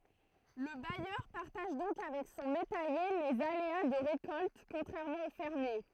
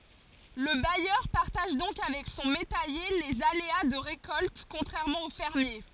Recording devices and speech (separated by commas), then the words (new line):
throat microphone, forehead accelerometer, read sentence
Le bailleur partage donc avec son métayer les aléas de récolte, contrairement au fermier.